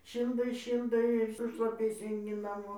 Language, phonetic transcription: Lithuanian, ˈšyldai ˈšyldai ir su šlaˈpiais eiˈni naˈmo

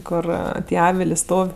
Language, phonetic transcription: Lithuanian, ˈkur ˈtie ˈavilė ˈstov'

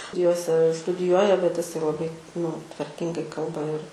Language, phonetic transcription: Lithuanian, ˈjose studiˈjuoja bet iˈsai laˈbai nu tvarˈkingai ˈkalba ir

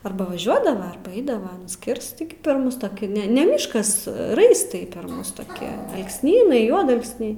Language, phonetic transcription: Lithuanian, arba vaˈžiuodava arba ˈaidava aˈnas ˈkirst tigi per ˈmus toˈki ˈne ne ˈmiškas ˈraistai per ˈmus toˈki alksˈnynai ˈjuodalksniai

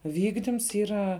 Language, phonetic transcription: Lithuanian, ˈvykdims ˈyra

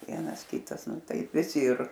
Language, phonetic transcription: Lithuanian, ˈvienas ˈkitas ˈnu ˈtaip viˈsi ir

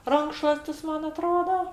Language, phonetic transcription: Lithuanian, ˈrankšluostis ˈman aˈtroda

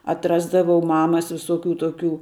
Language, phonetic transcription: Lithuanian, atˈrasdavau ˈmamas visoˈkių toˈkių

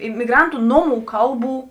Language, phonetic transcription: Lithuanian, imiˈgrantu ˈnoˌmų ˈkalˌbų

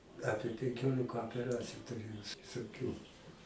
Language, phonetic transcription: Lithuanian, ˈapie penˈkiolika opeˈraciju tuˈrėjau s visoˈkių

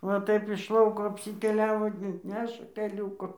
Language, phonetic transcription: Lithuanian, va ˈtaip iš ˈlauko apsiteˈliavo ˈneša teˈliūku

